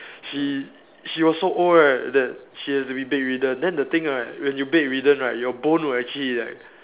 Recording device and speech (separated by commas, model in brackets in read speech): telephone, conversation in separate rooms